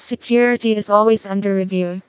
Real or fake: fake